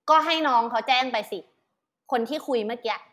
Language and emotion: Thai, frustrated